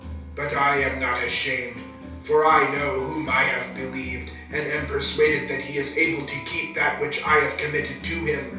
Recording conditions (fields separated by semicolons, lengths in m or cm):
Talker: one person; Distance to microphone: 3.0 m; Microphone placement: far; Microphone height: 1.8 m; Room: small (3.7 m by 2.7 m); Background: music